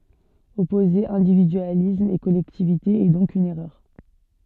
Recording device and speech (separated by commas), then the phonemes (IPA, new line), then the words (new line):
soft in-ear microphone, read sentence
ɔpoze ɛ̃dividyalism e kɔlɛktivite ɛ dɔ̃k yn ɛʁœʁ
Opposer individualisme et collectivité est donc une erreur.